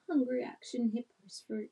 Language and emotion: English, sad